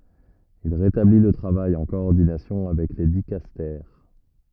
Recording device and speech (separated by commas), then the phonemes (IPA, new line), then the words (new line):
rigid in-ear microphone, read sentence
il ʁetabli lə tʁavaj ɑ̃ kɔɔʁdinasjɔ̃ avɛk le dikastɛʁ
Il rétablit le travail en coordination avec les dicastères.